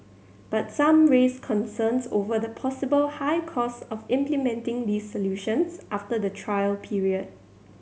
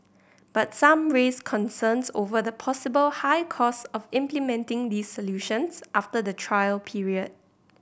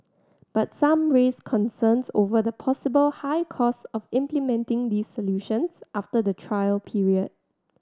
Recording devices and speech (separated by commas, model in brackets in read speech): mobile phone (Samsung C7100), boundary microphone (BM630), standing microphone (AKG C214), read sentence